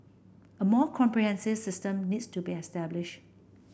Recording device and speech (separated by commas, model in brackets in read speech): boundary microphone (BM630), read sentence